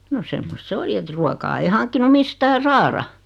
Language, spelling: Finnish, no semmoista se oli että ruokaa ei hankkinut mistään saada
- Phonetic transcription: no 'semmost se "oli et 'ruokaa ei 'haŋkkinu "mistää "saara .

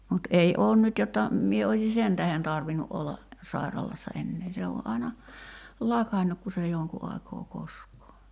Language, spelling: Finnish, mutta ei ole nyt jotta minä olisin sen tähden tarvinnut olla sairaalassa enää se on aina lakannut kun se jonkun aikaa koskee
- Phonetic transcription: mut 'ei 'oon nyt jotta , 'mie oiśi "sen tähen 'tarvinu ’olla , 'sairalassa ennee 'se o ’ai̬na , "lakannuk ku se joŋku aikoo 'kosk̀oo .

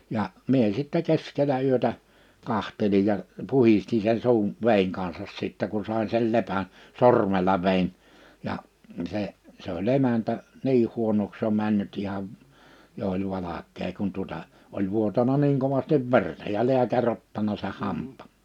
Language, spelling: Finnish, ja minä sitten keskellä yötä katselin ja puhdistin sen suun veden kanssa sitten kun sain sen lepän sormella vedin ja se se oli emäntä niin huonoksi jo mennyt ihan jo oli valkea kun tuota oli vuotanut niin kovasti verta ja lääkäri ottanut sen hampaan
- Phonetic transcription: 'ja , 'mie sittɛ 'keskelä yötä , 'kahtelij ja , 'puhisti se(n) 'su̬un̬ , 'vèiŋ kansas 'sittä ku(n) 'sai(n) sei 'lepän , 'sormeĺa vein , ja , se , se ‿o'ĺ ‿emäntä , 'ni huonoks jo 'männyt 'ihav̳ , jo oĺ 'valak̆kee kun tuᵒta , oĺ 'vuotana niiŋ 'kovastiv 'verta ja 'liäkä'ŕ ‿ottana seʰ 'hamp̆pᴀ̀ .

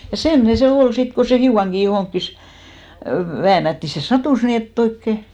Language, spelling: Finnish, ja semmoinen se oli sitten kun se hiukankin johonkin väännähti se sattui niin että oikein
- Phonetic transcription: ja "semmᵒne se 'ol 'sit ko se "hiukaŋɢi johoŋkkis , 'väänätti se "satùs nii , et't ‿oikke .

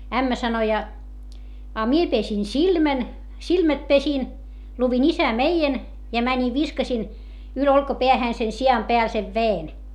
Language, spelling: Finnish, ämmä sanoi ja a minä pesin silmän silmät pesin luin Isä meidän ja menin viskasin yli olkapään sen sian päälle sen veden
- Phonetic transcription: » ämmä sano ja , » a mie pesin silmän , silmät pesin , luvin isämeijen , ja mäńi viskasin , yl olkapeähä̀n se si₍am peäl sev ve₍en » .

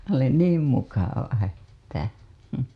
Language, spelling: Finnish, oli niin mukava että
- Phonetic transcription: oli "niim mukava 'että .

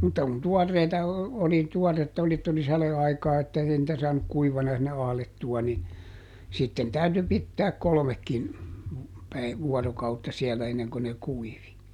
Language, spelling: Finnish, mutta kun tuoreita oli tuoretta oli että oli sadeaikaa että ei niitä saanut kuivana sinne ahdettua niin sitten täytyi pitää kolmekin - vuorokautta siellä ennen kuin ne kuivi
- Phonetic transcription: mutta kun "tuɔrreita , oli ˈtuɔretta oli ett ‿oli ˈsale₍aikaa että ˈei nⁱtä ˈsaanuk "kuivana sinne ˈahlettua ni , ˈsitten ˈtäyty ˈpittääk "kolᵒmekkin , päi- , ˈvuɔrokautta ˈsiɛlä enneŋko ne ˈkuivi .

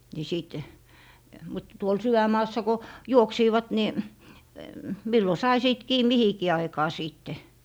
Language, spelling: Finnish, niin sitten mutta tuolla sydänmaassa kun juoksivat niin milloin sai sitten kiinni mihinkin aikaan sitten
- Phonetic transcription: ni 'sìt , mut tuol 'sywäm̀aassa ko , "juoksiivat ni , 'millo sai 'sìt 'kii 'mihikii aikaa 'sìtte .

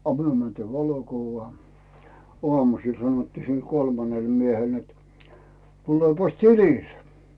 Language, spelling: Finnish, a me mentiin valokuvaan aamusella sanottiin sillä kolmannelle miehelle että tulepas tilille
- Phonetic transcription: a "myö mäntii 'valokuvvaa , 'oamusiil sanᵒttii sil "kolmanel 'miehel net , » 'tulepas "tililᴇ « .

